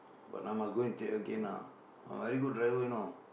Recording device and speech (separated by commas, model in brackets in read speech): boundary microphone, conversation in the same room